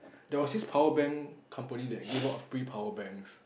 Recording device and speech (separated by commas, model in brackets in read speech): boundary microphone, conversation in the same room